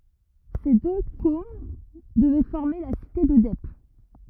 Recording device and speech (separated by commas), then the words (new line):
rigid in-ear microphone, read sentence
Ces deux Kôms devaient former la cité de Dep.